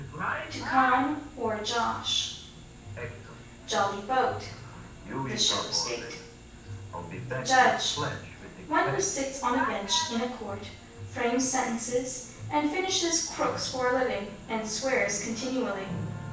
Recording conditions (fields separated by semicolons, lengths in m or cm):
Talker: one person; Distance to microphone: 9.8 m; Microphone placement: far; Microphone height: 1.8 m; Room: large; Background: television